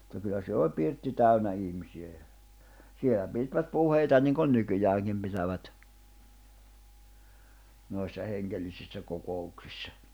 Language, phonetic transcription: Finnish, ᵐᵘtta kyllä siel ol 'pirtti 'täynä 'ihmisi₍ä ja , 'sielä 'pìtvät 'puheita niŋkon 'nykyjääŋkim pitävät , noissa 'heŋɢellisissä 'koko₍uksissᴀ .
- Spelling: mutta kyllä siellä oli pirtti täynnä ihmisiä ja siellä pitivät puheita niin kuin nykyäänkin pitävät noissa hengellisissä kokouksissa

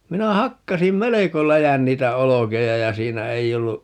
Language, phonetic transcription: Finnish, 'minä "hakkasim "meleko 'läjän 'niitä 'olokeja ja 'siinä 'ei ollu , .
- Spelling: minä hakkasin melko läjän niitä olkia ja siinä ei ollut

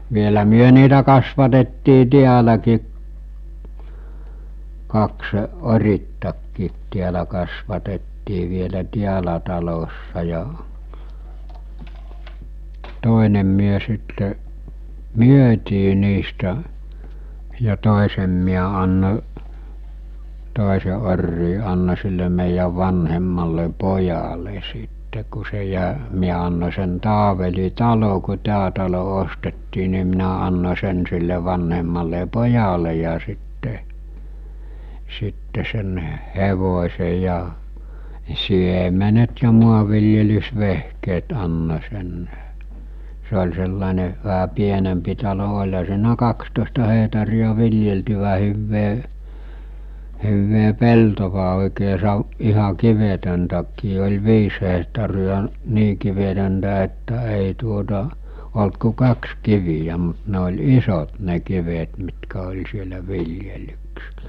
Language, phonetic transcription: Finnish, vielä 'myö niitä kasvatettii 'tiäläki- , kaksᵊ , 'orittakkiit tiälä kasvatettii vielä 'tiälä talossa ja , 'tòenem myö sitte , "myötii niistä , ja 'tòesem miä anno͕ , 'tòese orrii anno͕ sille mèijäv 'vanhemmalle 'pojale sitte ku se jä- , 'miä anno͕ sen 'Taaveli "talo ku 'tää talo 'ostettii ni minä anno͕ sen sille 'vanhemmalle "pojale ja sitte , sitte sen , "hevos̜e ja , 'siemenet ja 'muav̆viljelys'vehkeet anno͕ sen , se ol̜ sellàene , väɦä 'pienempi talo oĺha siinä 'kakstòesta hehtarija 'viljeltyvä 'hyyvvee , 'huvve 'peltova òikee 'sav- , iha 'kivetöntäkkii oĺ 'viis hehtari₍a , 'nii kivetöntä että éi tuota , olt ku "kaks 'kivijä mut ne oĺ "isot 'ne 'kivet mitkä oĺ sielä 'viljelyks(ilᴀ̈) .
- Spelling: vielä me niitä kasvatettiin täälläkin kaksi oriitakin täällä kasvatettiin vielä täällä talossa ja toinen me sitten myytiin niistä ja toisen minä annoin toisen oriin annoin sille meidän vanhemmalle pojalle sitten kun se - minä annoin sen Taaveli talo kun tämä talo ostettiin niin minä annoin sen sille vanhemmalle pojalle ja sitten sitten sen hevosen ja siemenet ja maanviljelysvehkeet annoin sen se oli sellainen vähän pienempi talo olihan siinä kaksitoista hehtaaria viljeltyä hyvää hyvää peltoa oikein - ihan kivetöntäkin oli viisi hehtaaria niin kivetöntä että ei tuota ollut kuin kaksi kiveä mutta ne oli isot ne kivet mitkä oli siellä viljelyksillä

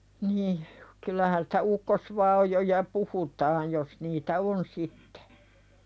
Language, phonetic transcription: Finnish, nih , kyl̆lähän sᴵtä 'ukkosvaajoja "puhutaaj jos niitä "on 'sittᴇ .
- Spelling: niin kyllähän sitä ukkosvaajoja puhutaan jos niitä on sitten

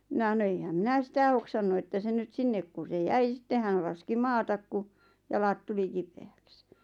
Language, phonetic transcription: Finnish, 'mina ʰᵃno » eihäm 'minä "sitä hoksannu että 'se nyt 'sinnek ku se 'jäi 'sitte hän 'laski "maatak ku , 'jalat tuli "kipe₍äks « .
- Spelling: minä sanoi eihän minä sitä hoksannut että se nyt sinne kun se jäi sitten hän laski maata kun jalat tuli kipeäksi

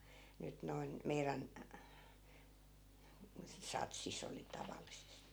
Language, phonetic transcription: Finnish, 'nyt noin , 'meirän , 'satsis ‿oli 'tavallisesti .
- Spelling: nyt noin meidän satsissa oli tavallisesti

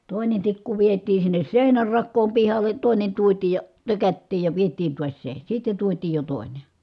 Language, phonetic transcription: Finnish, tòinen tikku vietii sinnes sèinär rakkoom pihal̆le , tòi̮nen tuotiij ja , tökättiij ja viet̀iin tuas se , sitten̬ tuotiij jo tòi̮ne .
- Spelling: toinen tikku vietiin sinne seinän rakoon pihalle toinen tuotiin ja tökättiin ja vietiin taas se sitten tuotiin jo toinen

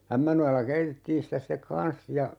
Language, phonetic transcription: Finnish, 'Ämmänojalla 'keitettiin sitä sⁱtek "kan̬s ja , .
- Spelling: Ämmänojalla keitettiin sitä sitten kanssa ja

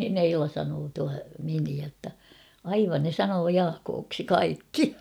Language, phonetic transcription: Finnish, niin ‿"Eila sanoo tua 'miniä ‿tta , » 'aivan ne "sanoo "Jaakooksi "kaikki « .
- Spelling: niin Eila sanoo tuo miniä jotta aivan ne sanoo Jaakoksi kaikki

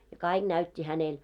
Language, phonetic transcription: Finnish, ja 'káiɢ näyt́t́i 'hänel .
- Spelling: ja kaikki näytti hänelle

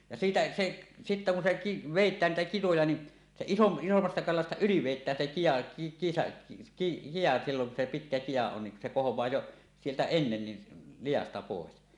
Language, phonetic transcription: Finnish, ja siitä 'seˀ , sittä kun se ki- , "vèit̆tään niitä kitoja ni , se isom- 'isommasta kalasta "yli "vèit̆tään se kija ki- , 'kija silloŋ ku se 'pitkä 'kija 'on niŋ ku se "kohoẁaa jo , sieltä ennen ni , "lijasta 'pòes .
- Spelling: ja siitä se sitten kun se - vedetään niitä kitoja niin se - isommasta kalasta yli vedetään se kita - kita silloin kun se pitkä kita on niin kun se kohoaa jo sieltä ennen niin liasta pois

